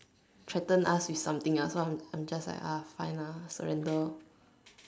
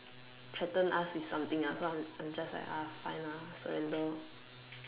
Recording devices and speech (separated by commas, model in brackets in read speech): standing microphone, telephone, conversation in separate rooms